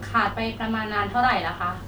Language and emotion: Thai, neutral